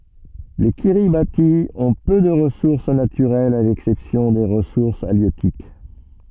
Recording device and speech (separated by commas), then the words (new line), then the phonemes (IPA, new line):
soft in-ear microphone, read sentence
Les Kiribati ont peu de ressources naturelles à l'exception des ressources halieutiques.
le kiʁibati ɔ̃ pø də ʁəsuʁs natyʁɛlz a lɛksɛpsjɔ̃ de ʁəsuʁs aljøtik